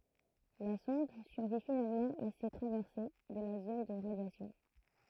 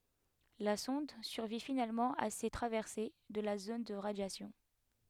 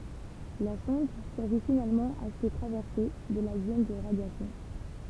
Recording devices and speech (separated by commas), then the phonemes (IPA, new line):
throat microphone, headset microphone, temple vibration pickup, read sentence
la sɔ̃d syʁvi finalmɑ̃ a se tʁavɛʁse də la zon də ʁadjasjɔ̃